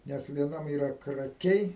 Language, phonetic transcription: Lithuanian, ˈnes vieˈnam yˈra kraˈkiai

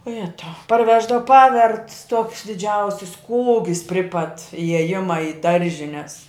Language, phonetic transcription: Lithuanian, o ˈjetau parˈveždav ˈpavert tuoks diˈdžiausis ˈkūgis pri pat ijeˈjima i ˈdaržines

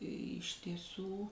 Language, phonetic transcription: Lithuanian, iš tieˈsų

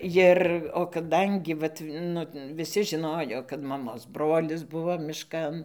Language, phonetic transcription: Lithuanian, ˈjir o kaˈdangi ˈvat ˈnu viˈsi žiˈnojo kad maˈmos ˈbrolis ˈbuvo miˈškan

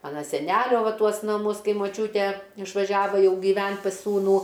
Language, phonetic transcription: Lithuanian, ˈmana seˈnælio ˈva ˈtuos naˈmus ˈkai moˈčiūtė išvaˈžiava ˈjau gyˈvent pas ˈsūnų

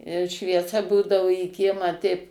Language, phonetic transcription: Lithuanian, švieˈsa ˈbūdavu į ˈkiemą teip

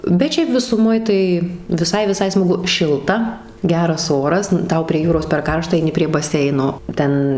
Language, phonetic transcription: Lithuanian, bet ˈšiaip visuˈmoj tai viˈsai viˈsai smaˈgu ˈšilta ˈgeras ˈoras nu ˈtau prie ˈjūros per ˈkaršta aiˈni prie baˈseino ˈten

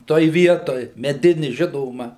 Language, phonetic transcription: Lithuanian, ˈtoj ˈvietoj meˈdini ˈžinoma

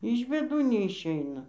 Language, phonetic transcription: Lithuanian, iš bėˈdų neišˈeina

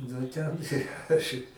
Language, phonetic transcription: Lithuanian, nu ˈten ˈaš i

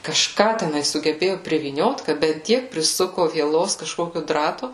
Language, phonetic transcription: Lithuanian, kažˈką teˈnai sugeˈbėju privyˈniot ka bet ˈtiek priˈsuku vieˈlos kažˈkokiu ˈdratu

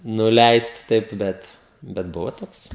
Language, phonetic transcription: Lithuanian, nuˈleist ˈtaip ˈbet bet ˈbuvo ˈtoks

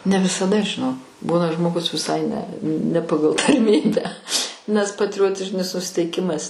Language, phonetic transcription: Lithuanian, ne visaˈda žiˈnok ˈbūna žmoˈgus viˈsai ne ne ˈpagal tarˈmybę nes patriˈjotižinis nusiteiˈkimas

